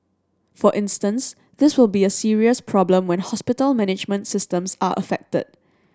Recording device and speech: standing microphone (AKG C214), read sentence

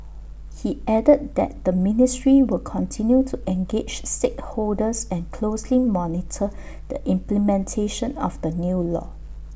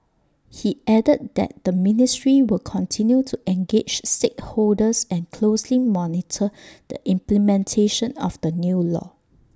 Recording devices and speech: boundary microphone (BM630), standing microphone (AKG C214), read sentence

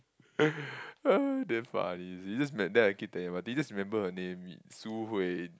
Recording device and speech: close-talking microphone, conversation in the same room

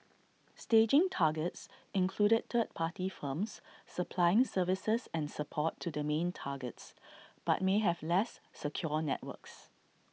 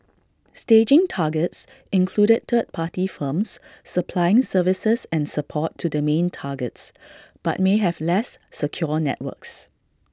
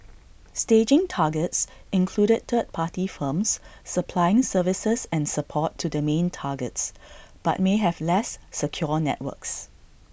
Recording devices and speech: mobile phone (iPhone 6), standing microphone (AKG C214), boundary microphone (BM630), read sentence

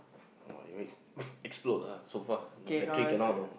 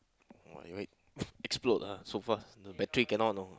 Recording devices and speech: boundary microphone, close-talking microphone, conversation in the same room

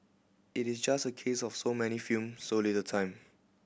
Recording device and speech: boundary microphone (BM630), read sentence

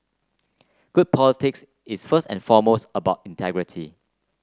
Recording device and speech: close-talking microphone (WH30), read sentence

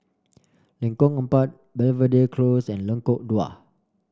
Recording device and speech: standing microphone (AKG C214), read sentence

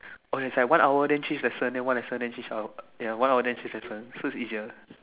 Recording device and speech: telephone, conversation in separate rooms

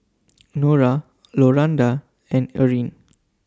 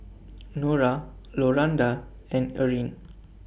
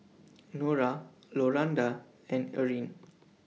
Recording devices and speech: standing microphone (AKG C214), boundary microphone (BM630), mobile phone (iPhone 6), read sentence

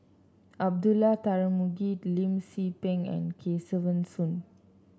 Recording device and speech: standing microphone (AKG C214), read sentence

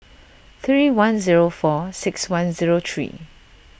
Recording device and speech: boundary microphone (BM630), read sentence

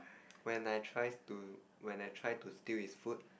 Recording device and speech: boundary microphone, conversation in the same room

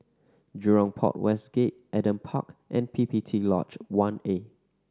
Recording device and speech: standing microphone (AKG C214), read sentence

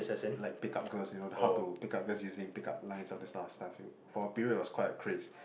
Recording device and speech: boundary microphone, conversation in the same room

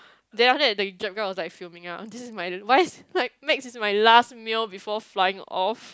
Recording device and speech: close-talking microphone, conversation in the same room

